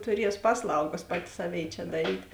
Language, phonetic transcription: Lithuanian, tuˈries ˈpasˌlaugas ˈpati ˈsaˌvėi čia daˈryt

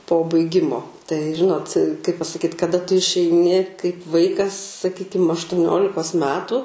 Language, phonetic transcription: Lithuanian, po baiˈgimo tai ˈžinot kaip pasaˈkyt kaˈda tu išeiˈni kaip ˈvaikas saˈkykim aštuˈniolikos ˈmetu

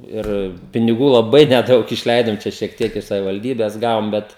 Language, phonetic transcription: Lithuanian, ˈir piniˈgų laˈbai neˈdaug išˈleidom ˈčia šiek ˈtiek iš savivalˈdybes ˈgavom ˈbet

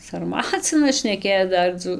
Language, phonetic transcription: Lithuanian, sarˈmacinas šneˈkėc ˈdar dzū

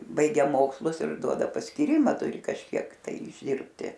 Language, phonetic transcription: Lithuanian, ˈbaigia ˈmokslus ir ˈduoda paskyˈrima ˈturi kažˈkiek tai išˈdirbti

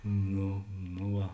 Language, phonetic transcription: Lithuanian, ˈno no ˈva

